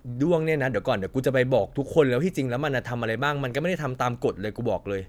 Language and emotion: Thai, angry